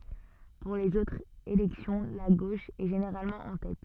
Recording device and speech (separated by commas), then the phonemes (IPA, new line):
soft in-ear microphone, read sentence
puʁ lez otʁz elɛksjɔ̃ la ɡoʃ ɛ ʒeneʁalmɑ̃ ɑ̃ tɛt